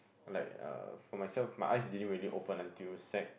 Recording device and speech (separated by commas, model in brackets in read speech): boundary microphone, conversation in the same room